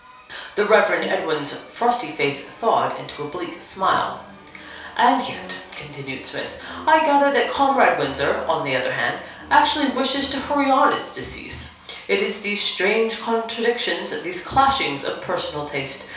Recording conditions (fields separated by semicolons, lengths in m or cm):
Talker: one person; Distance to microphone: 3.0 m; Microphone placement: far; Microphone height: 1.8 m; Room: small (3.7 m by 2.7 m); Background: music